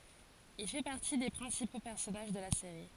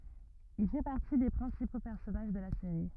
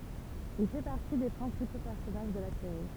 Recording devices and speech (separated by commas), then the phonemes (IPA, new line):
forehead accelerometer, rigid in-ear microphone, temple vibration pickup, read sentence
il fɛ paʁti de pʁɛ̃sipo pɛʁsɔnaʒ də la seʁi